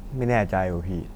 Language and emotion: Thai, neutral